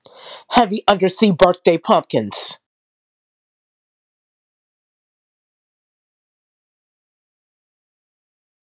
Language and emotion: English, angry